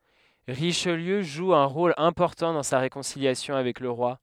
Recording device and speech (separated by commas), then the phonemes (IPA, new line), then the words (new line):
headset microphone, read sentence
ʁiʃliø ʒu œ̃ ʁol ɛ̃pɔʁtɑ̃ dɑ̃ sa ʁekɔ̃siljasjɔ̃ avɛk lə ʁwa
Richelieu joue un rôle important dans sa réconciliation avec le roi.